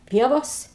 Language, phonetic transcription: Lithuanian, ˈpievos

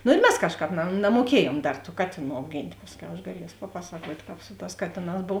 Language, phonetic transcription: Lithuanian, nu ir ˈmes ˈkažˌkāp na namuoˈkiejuom ˈdar tų ˈkatėˌnų auˈgint' ˈpasˌkiau aš gaˈlies paˈpasakuot' ˈkāp ˈsu ˌtās ˈkatėˌnās ˈbov

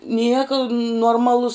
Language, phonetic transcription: Lithuanian, ˈnieka nuorˈmalus

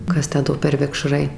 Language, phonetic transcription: Lithuanian, ˈkas ˈtę ˈdo per vikˈšrai

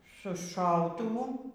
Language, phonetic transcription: Lithuanian, su ˈšautuvu

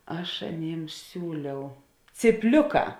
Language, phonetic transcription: Lithuanian, ˈaš aˈnėms ˈsiūliau cypˈliuˌkā

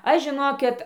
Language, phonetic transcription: Lithuanian, ˈaš žiˈnokit

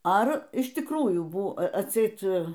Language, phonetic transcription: Lithuanian, ˈar iš tikˈrųjų ˈbu atˈseit

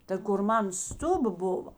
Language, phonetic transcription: Lithuanian, ta kur ˈmana ˈstuba ˈbuva

